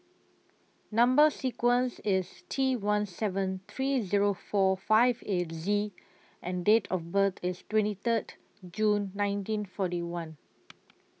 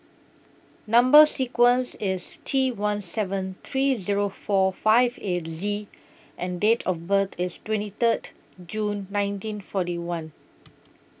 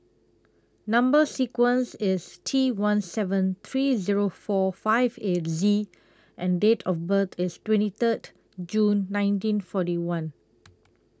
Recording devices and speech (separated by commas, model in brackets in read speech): mobile phone (iPhone 6), boundary microphone (BM630), close-talking microphone (WH20), read sentence